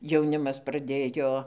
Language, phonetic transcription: Lithuanian, jauˈnimas praˈdėjo

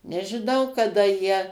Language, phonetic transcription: Lithuanian, nežiˈnau kaˈda jie

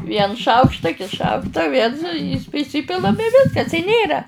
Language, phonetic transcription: Lithuanian, ˈviens ˈšaukšta ˈkits ˈšaukta ˈviens priˈsypilam i ˈviskas i ˈnėra

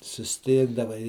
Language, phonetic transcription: Lithuanian, susˈtikdavai

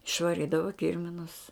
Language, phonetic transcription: Lithuanian, išvaˈrydava ˈkirminus

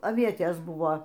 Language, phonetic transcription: Lithuanian, aˈvietės ˈbuvo

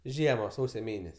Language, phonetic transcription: Lithuanian, ˈžiema ˈsausio ˈmėnes'

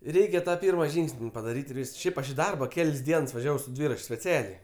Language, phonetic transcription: Lithuanian, ˈreikia ta ˈpyrma ˈžyngs'n' padaˈryt' ir ˈvysks ˈšiaip aš i ˈdarba ˈkel's' ˈdiens vaˈžiavau su ˈdvyrač' speˈcialiai

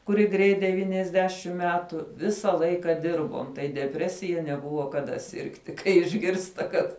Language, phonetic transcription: Lithuanian, kuˈri ˈgreit deˈvyniasˌdešim ˈmetu ˈvisa ˈlaika ˈdirbom tai deˈpresija neˈbuvo kaˈda ˈsirgti kai išˈgirsta ˈkad

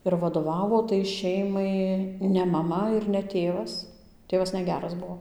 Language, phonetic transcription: Lithuanian, ir vaˈdovavo tai ˈšeimai ne maˈma ir ne ˈtėvas ˈtėvas neˈgeras ˈbuo

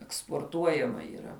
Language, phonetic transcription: Lithuanian, eksporˈtuojama yˈra

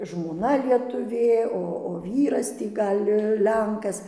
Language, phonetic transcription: Lithuanian, žmoˈna lietuˈvė ˈo o ˈvyras ˈtį ˈgal' ˈlenkas

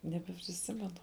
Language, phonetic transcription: Lithuanian, nebepriˈsimenu

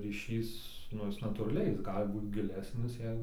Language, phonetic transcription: Lithuanian, ryˈšys ˈnu ˈjis natūraˈliai ˈjis ˈgali ˈbūt giˈlesnis ˈjei

